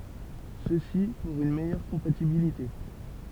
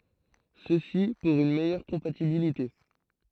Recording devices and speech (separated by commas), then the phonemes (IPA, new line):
temple vibration pickup, throat microphone, read sentence
səsi puʁ yn mɛjœʁ kɔ̃patibilite